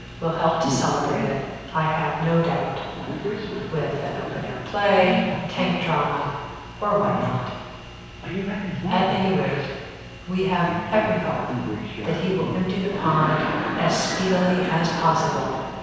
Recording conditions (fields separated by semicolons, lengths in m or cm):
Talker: one person; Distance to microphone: 7.1 m; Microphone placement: far; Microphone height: 1.7 m; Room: very reverberant, large; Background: television